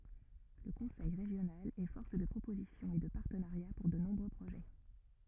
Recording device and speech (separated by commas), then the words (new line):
rigid in-ear microphone, read sentence
Le conseil régional est force de proposition et de partenariats pour de nombreux projets.